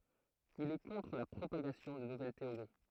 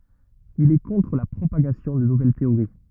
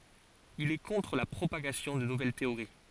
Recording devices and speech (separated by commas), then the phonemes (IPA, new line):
throat microphone, rigid in-ear microphone, forehead accelerometer, read sentence
il ɛ kɔ̃tʁ la pʁopaɡasjɔ̃ də nuvɛl teoʁi